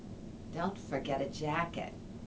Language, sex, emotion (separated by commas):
English, female, neutral